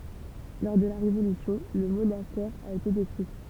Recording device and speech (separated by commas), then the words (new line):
temple vibration pickup, read sentence
Lors de la Révolution, le monastère a été détruit.